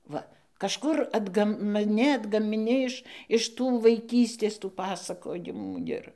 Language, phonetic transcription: Lithuanian, ˈva kažˈkur atˈgam ˈne atgamiˈni iš iš ˈtų vaiˈkystės tų ˈpasakojimų ˈir

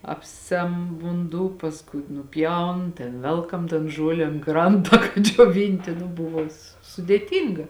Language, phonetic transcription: Lithuanian, ˈapˌsem vunˈdū pasˈkui nuˈpjaun ten ˈvelkam tan ˈžuole an ˈkranta kad džioˈvinti nu ˈbuvo s sudėˈtynga

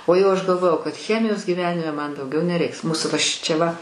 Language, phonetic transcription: Lithuanian, o ˈjau ˈaš galˈvojau kad ˈchemijos gyˈvenime ˈman dauˈgiau neˈreiks ˈmūsu va ˈšičia va

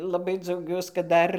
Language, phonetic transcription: Lithuanian, laˈbai dzauˈgiuos kad ˈdar

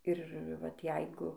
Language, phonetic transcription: Lithuanian, ir ˈvat ˈjeigu

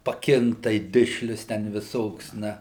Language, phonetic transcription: Lithuanian, paˈkinktai ˈdišlius ten viˈsoks ˈna

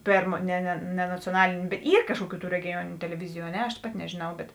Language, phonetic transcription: Lithuanian, ˈpėrmo ˈne ne ne nacioˈnalėn' ˈyr ˈkažkuoˌkių tų regiˈjuoniniu teleˈviziju a ˈne aš ˈpati nežėˈnau bet

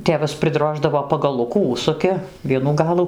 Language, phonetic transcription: Lithuanian, ˈtėvas priˈdroždavo pagaˈlukų ˈužsuki ˈvienų ˈgalų

